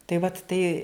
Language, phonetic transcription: Lithuanian, tai vat ˈtai

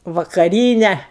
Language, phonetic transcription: Lithuanian, vakaˈryne

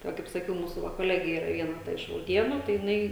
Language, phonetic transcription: Lithuanian, tai ˈva kaip saˈkiau ˈmūsu va koˈlegė ˈyra ˈviena ta iš rauˈdienu tai jiˈnai

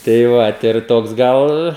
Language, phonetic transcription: Lithuanian, tai ˈvat ir ˈtoks ˈgal

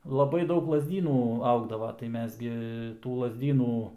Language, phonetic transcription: Lithuanian, laˈbai ˈdaug lazˈdynų ˈaugdava tai ˈmes gi tų lazˈdynų

